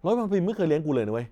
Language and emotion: Thai, frustrated